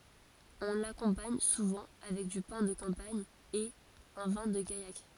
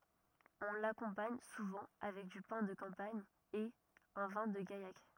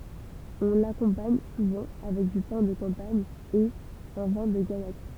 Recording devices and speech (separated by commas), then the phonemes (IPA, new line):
forehead accelerometer, rigid in-ear microphone, temple vibration pickup, read sentence
ɔ̃ lakɔ̃paɲ suvɑ̃ avɛk dy pɛ̃ də kɑ̃paɲ e œ̃ vɛ̃ də ɡajak